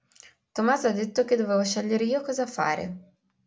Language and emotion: Italian, neutral